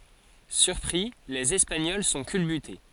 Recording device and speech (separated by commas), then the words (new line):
forehead accelerometer, read sentence
Surpris, les Espagnols sont culbutés.